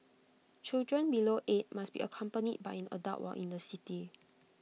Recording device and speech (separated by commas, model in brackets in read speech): mobile phone (iPhone 6), read sentence